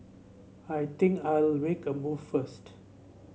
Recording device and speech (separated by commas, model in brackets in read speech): mobile phone (Samsung C7), read sentence